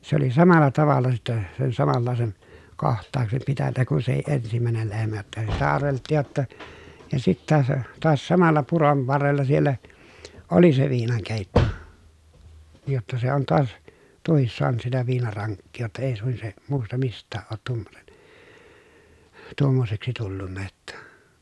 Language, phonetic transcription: Finnish, se ‿oli samalla tavalla sittɛ , sen samallàesen , koht̆taaksem pitännä kun sehi ʼensimä̀enel lehmä jotta sitä arvelttiij jotta , ja sittä se , toas samalla puron varrella siellä , oli se viinaŋkèitto , jotta se on toas , tuohis soanᵘt sitä viinaraŋkkii jotta èi suin se , muusta mist̆tääʼ ʼoot tuommonen , tuommoseksi tullunna jotta .
- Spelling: se oli samalla tavalla sitten sen samanlaisen kohtauksen pitänyt kuin sekin ensimmäinen lehmä jotta sitä arveltiin jotta ja sitten se taas samalla puron varrella siellä oli se viinankeitto jotta se on taas tuokin saanut sitä viinarankkia jotta ei suin se muusta mistään ole tuommoinen tuommoiseksi tullut jotta

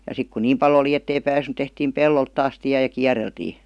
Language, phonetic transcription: Finnish, ja 'sik kun "niim pal ‿oli 'ettei pääsnY tehtiim "pellolt taas 'tiä ja "kiäreltii .
- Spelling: ja sitten kun niin paljon oli että ei päässyt tehtiin pellolle taas tie ja kierreltiin

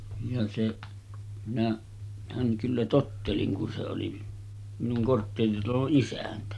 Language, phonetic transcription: Finnish, ja seˀ , minä- , -häŋ kyllä 'tottelin kun se oli , minuŋ 'kortteeritaloˀ 'ˀisäntä .
- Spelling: ja se - minähän kyllä tottelin kun se oli minun kortteeritalon isäntä

